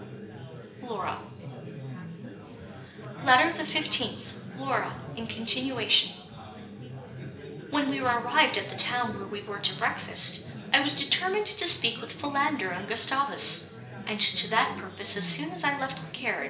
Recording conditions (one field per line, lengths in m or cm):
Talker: one person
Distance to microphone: 1.8 m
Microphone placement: close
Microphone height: 1.0 m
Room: large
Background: babble